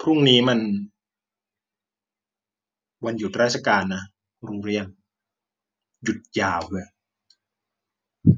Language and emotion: Thai, frustrated